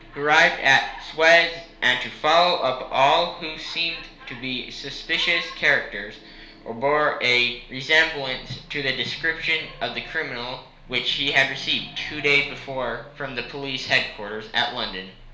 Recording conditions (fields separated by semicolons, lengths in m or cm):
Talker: one person; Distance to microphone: 1.0 m; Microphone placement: close; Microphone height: 1.1 m; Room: small (3.7 m by 2.7 m); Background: television